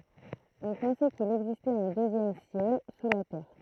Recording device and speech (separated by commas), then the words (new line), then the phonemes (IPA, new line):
throat microphone, read sentence
On pensait qu'il existait un deuxième ciel sous la terre.
ɔ̃ pɑ̃sɛ kil ɛɡzistɛt œ̃ døzjɛm sjɛl su la tɛʁ